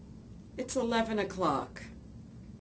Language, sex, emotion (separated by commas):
English, female, disgusted